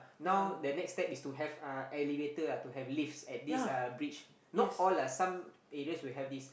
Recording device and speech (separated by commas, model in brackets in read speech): boundary microphone, conversation in the same room